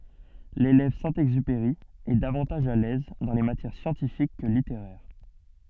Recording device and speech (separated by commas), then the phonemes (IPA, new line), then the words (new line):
soft in-ear microphone, read sentence
lelɛv sɛ̃ ɛɡzypeʁi ɛ davɑ̃taʒ a lɛz dɑ̃ le matjɛʁ sjɑ̃tifik kə liteʁɛʁ
L'élève Saint-Exupéry est davantage à l'aise dans les matières scientifiques que littéraires.